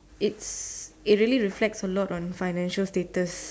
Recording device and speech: standing microphone, conversation in separate rooms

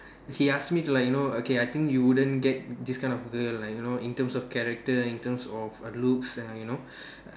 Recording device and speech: standing microphone, conversation in separate rooms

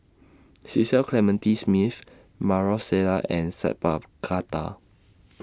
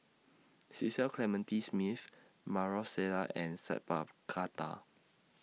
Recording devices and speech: standing microphone (AKG C214), mobile phone (iPhone 6), read sentence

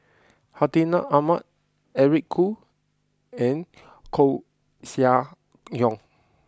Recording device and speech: close-talking microphone (WH20), read sentence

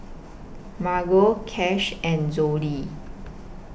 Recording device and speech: boundary microphone (BM630), read sentence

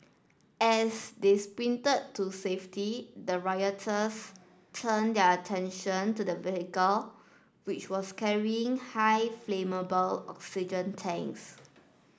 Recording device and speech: standing microphone (AKG C214), read sentence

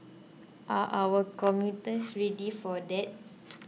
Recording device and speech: mobile phone (iPhone 6), read sentence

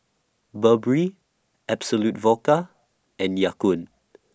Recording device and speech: standing microphone (AKG C214), read sentence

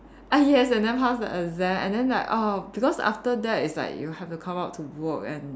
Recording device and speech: standing microphone, conversation in separate rooms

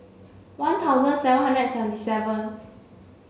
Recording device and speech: mobile phone (Samsung C7), read sentence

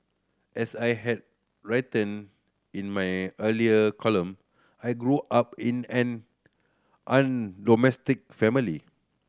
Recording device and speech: standing microphone (AKG C214), read sentence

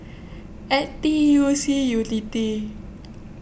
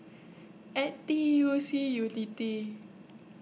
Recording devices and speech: boundary microphone (BM630), mobile phone (iPhone 6), read sentence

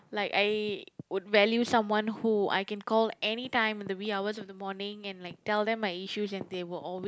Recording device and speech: close-talking microphone, conversation in the same room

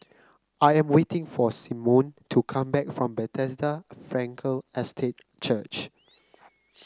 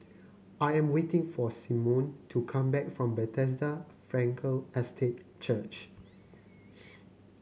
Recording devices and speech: close-talking microphone (WH30), mobile phone (Samsung C9), read sentence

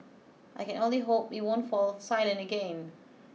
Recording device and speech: mobile phone (iPhone 6), read sentence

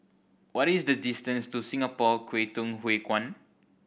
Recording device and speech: boundary microphone (BM630), read sentence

